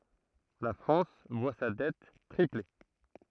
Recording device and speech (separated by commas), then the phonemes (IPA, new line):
throat microphone, read sentence
la fʁɑ̃s vwa sa dɛt tʁiple